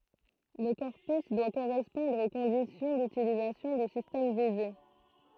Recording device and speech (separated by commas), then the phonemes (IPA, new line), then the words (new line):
throat microphone, read sentence
lə kɔʁpys dwa koʁɛspɔ̃dʁ o kɔ̃disjɔ̃ dytilizasjɔ̃ dy sistɛm vize
Le corpus doit correspondre aux conditions d'utilisation du système visé.